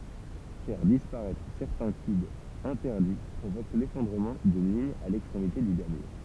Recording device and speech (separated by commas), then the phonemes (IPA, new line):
temple vibration pickup, read sentence
fɛʁ dispaʁɛtʁ sɛʁtɛ̃ kybz ɛ̃tɛʁdi pʁovok lefɔ̃dʁəmɑ̃ dyn liɲ a lɛkstʁemite dy damje